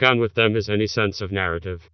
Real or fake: fake